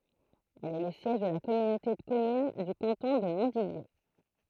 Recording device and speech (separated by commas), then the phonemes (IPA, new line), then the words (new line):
throat microphone, read sentence
ɛl ɛ lə sjɛʒ də la kɔmynote də kɔmyn dy kɑ̃tɔ̃ də mɔ̃tdidje
Elle est le siège de la communauté de communes du canton de Montdidier.